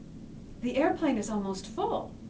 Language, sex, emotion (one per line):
English
female
neutral